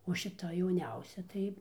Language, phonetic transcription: Lithuanian, o šiˈta jauˈniausia ˈtai

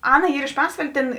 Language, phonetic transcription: Lithuanian, ˈana ˈyr iš ˈpasvalė tėn

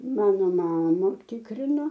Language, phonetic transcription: Lithuanian, ˈmano ˈmama ˈtikrino

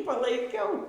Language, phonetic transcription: Lithuanian, palaiˈkiau

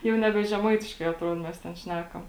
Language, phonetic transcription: Lithuanian, ˈjau neˈbe žeˈmaitiškai atˈruod ˈmes ten ˈšnekam

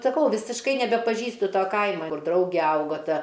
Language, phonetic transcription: Lithuanian, saˈkau visišˈkai nebepaˈžįstu ˈto ˈkaima ˈkur ˈdrauge ˈaugo ˈta

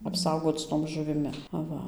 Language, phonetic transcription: Lithuanian, apˈsaugoc ˈtom žuviˈmi aˈva

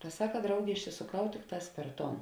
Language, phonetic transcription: Lithuanian, ta ˈsaka ˈdraugė išsisoˈkau ˈtikˌtās per ˈton

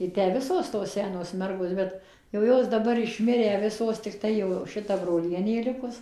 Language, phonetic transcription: Lithuanian, i ˈtę ˈvisos tos ˈsenos ˈmergos ˈbet jau ˈjos daˈbar išˈmirę ˈvisos tikˈtai jau ˈšita broˈlienė ˈlikus

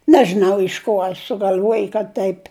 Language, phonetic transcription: Lithuanian, ˈnežinau iš ˈkuo a sugal'ˈvuoj kad taip'

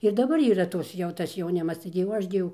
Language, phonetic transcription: Lithuanian, ir daˈbar yˈra ˈtos jau ˈtas jauˈnimas ˈtaigi jau ˈaš gi ˈjau

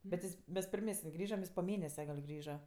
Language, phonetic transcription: Lithuanian, bet ˈjis ˈmes pirˈmesin' ˈjis po ˈmėnese gal' ˈgrįža

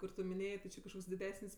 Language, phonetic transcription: Lithuanian, kur ˈtu minˈėjė ti ˈči kažˈkoks diˈdesin's'

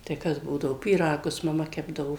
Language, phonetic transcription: Lithuanian, tai ˈkas ˈbūdavo pyˈragus maˈma ˈkepdavo

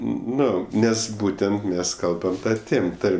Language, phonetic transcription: Lithuanian, ˈnu ˈnes ˈbūtent ˈmes ˈkalbam ˈta ˈtėm ˈtarm'

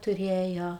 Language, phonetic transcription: Lithuanian, tuˈrėjo

